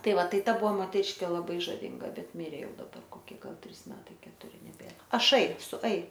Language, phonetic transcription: Lithuanian, ˈtai ˈva ˈtai ˈbuvo moteˈriškė laˈbai žaˈvynga ˈbet ˈmirė ˈjau daˈbar koˈkie ˈgal ˈtrys ˈmetai ketuˈri neˈbėr aˈšai su ai

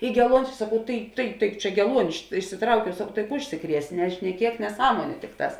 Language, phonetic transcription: Lithuanian, ˈy geˈluonis saˈkau ˈtai tai tai ˈčia geˈluoni iš išsiˈtraukiau sakau tai ˈužsiˌkries nešneˈkiek neˈsąmoniu ˈtikˌtās

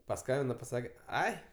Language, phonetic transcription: Lithuanian, paˈskambina paˈsake ˈai

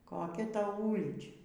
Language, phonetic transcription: Lithuanian, koˈkia ˈtau ˈūlyčia

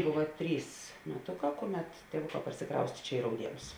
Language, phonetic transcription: Lithuanian, ˈbova ˈtrys meˈtoˌkā ˈkoˌmet tėˈvuˌkā parsiˈkraustė ˈčia i rauˈdienus

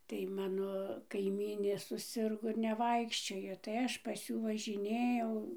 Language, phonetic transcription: Lithuanian, tai ˈmano kaiˈmynė suˈsirgo ir neˈvaikščiojo tai ˈaš pas ˈjų važiˈnėjau

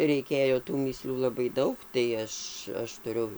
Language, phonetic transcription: Lithuanian, reiˈkėjo tų mįˈslių laˈbai ˈdaug tai ˈaš ˈaš tuˈriu

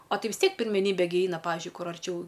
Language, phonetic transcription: Lithuanian, a ˈtai vis ˈtiek pirmeˈnybe gi ˈeina ˈpavižiui ˈkur arˈčiau

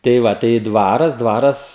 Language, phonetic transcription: Lithuanian, tai ˈva tai ˈdvaras ˈdvaras

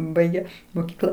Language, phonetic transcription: Lithuanian, ˈbaige moˈkykla

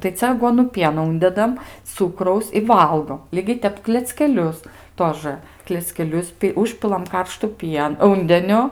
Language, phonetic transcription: Lithuanian, tai ˈcia aˈguonu ˈpieno ˈundedam ˈcukraus i ˈvalgom ˈlygiai ˈtep kleckeˈlius ˈtožɘ kleckeˈlius pi ˈužpilam ˈkarštu ˈpien ˈūndeniu

